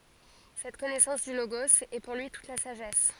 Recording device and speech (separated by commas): forehead accelerometer, read sentence